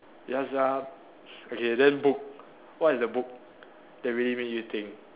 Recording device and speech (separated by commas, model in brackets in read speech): telephone, conversation in separate rooms